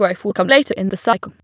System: TTS, waveform concatenation